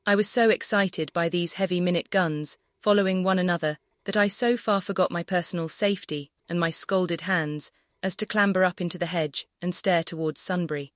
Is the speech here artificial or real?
artificial